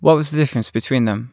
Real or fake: real